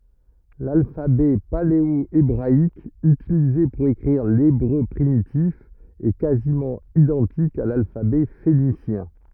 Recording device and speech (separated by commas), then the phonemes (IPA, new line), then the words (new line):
rigid in-ear microphone, read sentence
lalfabɛ paleoebʁaik ytilize puʁ ekʁiʁ lebʁø pʁimitif ɛ kazimɑ̃ idɑ̃tik a lalfabɛ fenisjɛ̃
L'alphabet paléo-hébraïque, utilisé pour écrire l'hébreu primitif, est quasiment identique à l'alphabet phénicien.